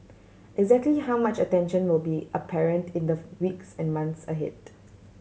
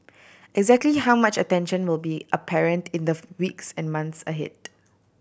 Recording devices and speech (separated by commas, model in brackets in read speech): mobile phone (Samsung C7100), boundary microphone (BM630), read sentence